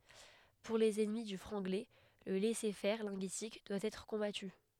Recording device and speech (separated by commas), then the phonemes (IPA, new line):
headset microphone, read sentence
puʁ lez ɛnmi dy fʁɑ̃ɡlɛ lə lɛsɛʁfɛʁ lɛ̃ɡyistik dwa ɛtʁ kɔ̃baty